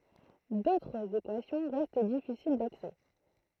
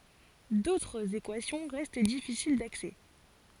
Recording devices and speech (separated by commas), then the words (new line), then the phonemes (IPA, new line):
throat microphone, forehead accelerometer, read sentence
D'autres équations restent difficiles d'accès.
dotʁz ekwasjɔ̃ ʁɛst difisil daksɛ